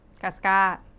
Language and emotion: Thai, neutral